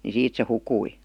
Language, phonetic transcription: Finnish, ni 'siit se 'hukui .
- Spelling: niin siitä se hukkui

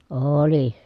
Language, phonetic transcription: Finnish, oooli .
- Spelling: oli

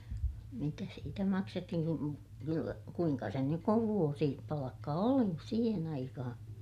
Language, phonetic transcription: Finnish, mitä siitä maksettihin ku , kyllä , kuiŋka sen nyk kuv vuosi- , -palakka oli , siihen ‿aikahaa̰ .
- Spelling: mitä siitä maksettiin kun kyllä kuinka sen nyt kun - vuosipalkka oli siihen aikaan

